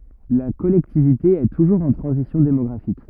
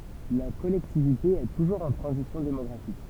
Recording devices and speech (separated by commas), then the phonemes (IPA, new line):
rigid in-ear microphone, temple vibration pickup, read sentence
la kɔlɛktivite ɛ tuʒuʁz ɑ̃ tʁɑ̃zisjɔ̃ demɔɡʁafik